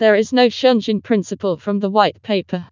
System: TTS, vocoder